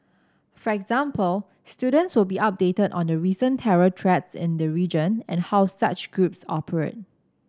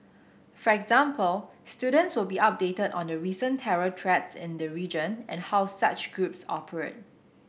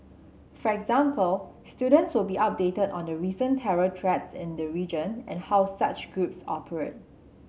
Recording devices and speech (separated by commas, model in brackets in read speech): standing microphone (AKG C214), boundary microphone (BM630), mobile phone (Samsung C7), read sentence